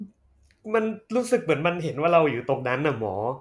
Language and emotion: Thai, frustrated